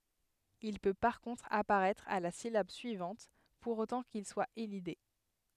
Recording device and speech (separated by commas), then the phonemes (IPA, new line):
headset microphone, read sentence
il pø paʁ kɔ̃tʁ apaʁɛtʁ a la silab syivɑ̃t puʁ otɑ̃ kil swa elide